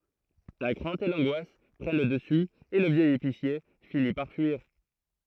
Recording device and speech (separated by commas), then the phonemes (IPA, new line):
throat microphone, read sentence
la kʁɛ̃t e lɑ̃ɡwas pʁɛn lə dəsy e lə vjɛj episje fini paʁ fyiʁ